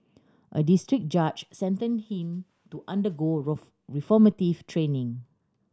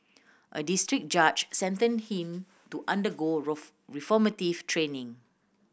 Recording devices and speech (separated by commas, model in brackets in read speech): standing microphone (AKG C214), boundary microphone (BM630), read sentence